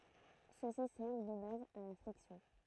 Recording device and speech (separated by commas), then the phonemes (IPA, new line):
throat microphone, read sentence
søksi sɛʁv də baz a la flɛksjɔ̃